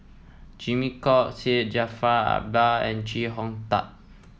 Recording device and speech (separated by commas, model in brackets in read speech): mobile phone (iPhone 7), read sentence